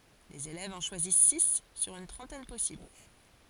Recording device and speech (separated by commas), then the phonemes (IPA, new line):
forehead accelerometer, read sentence
lez elɛvz ɑ̃ ʃwazis si syʁ yn tʁɑ̃tɛn pɔsibl